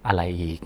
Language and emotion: Thai, frustrated